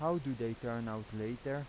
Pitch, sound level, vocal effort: 115 Hz, 86 dB SPL, normal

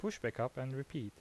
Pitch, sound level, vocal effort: 135 Hz, 81 dB SPL, normal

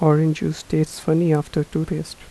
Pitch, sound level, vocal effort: 155 Hz, 78 dB SPL, soft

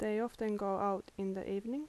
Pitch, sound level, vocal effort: 200 Hz, 80 dB SPL, soft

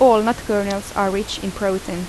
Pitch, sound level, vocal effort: 200 Hz, 82 dB SPL, normal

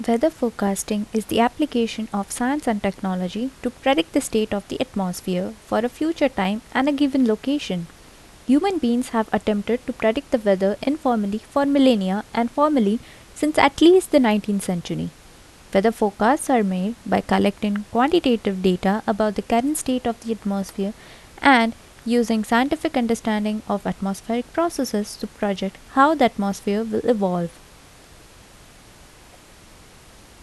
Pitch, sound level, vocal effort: 225 Hz, 77 dB SPL, soft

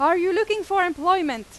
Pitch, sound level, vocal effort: 365 Hz, 97 dB SPL, very loud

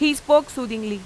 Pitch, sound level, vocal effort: 270 Hz, 93 dB SPL, loud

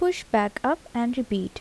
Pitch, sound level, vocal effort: 250 Hz, 77 dB SPL, soft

